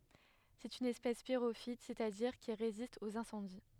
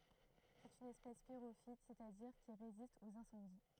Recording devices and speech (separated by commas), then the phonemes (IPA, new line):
headset microphone, throat microphone, read sentence
sɛt yn ɛspɛs piʁofit sɛstadiʁ ki ʁezist oz ɛ̃sɑ̃di